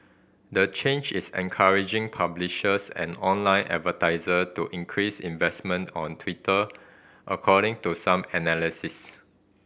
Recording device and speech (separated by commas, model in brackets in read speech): boundary microphone (BM630), read sentence